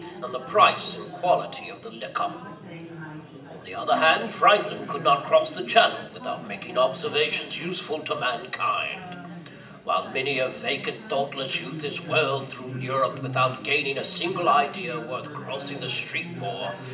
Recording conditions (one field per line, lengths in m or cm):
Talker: one person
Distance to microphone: 1.8 m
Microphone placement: close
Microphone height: 1.0 m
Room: large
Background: babble